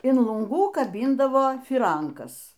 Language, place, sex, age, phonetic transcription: Lithuanian, Aukštaitija, female, 60+, in lunˈgų kaˈbindavo fyˈrankas

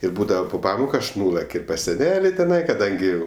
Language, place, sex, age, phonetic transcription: Lithuanian, Aukštaitija, male, 18-60, ir ˈbūdava pu ˈpamoku ˈaš ˈnulak' i pas seˈneli teˈnai kaˈdangi

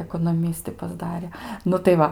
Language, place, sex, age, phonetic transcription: Lithuanian, Aukštaitija, female, 18-60, ekonoˈmisti pasˈdare ˈnu tai ˈva

